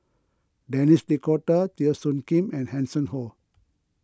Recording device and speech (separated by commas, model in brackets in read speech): close-talking microphone (WH20), read sentence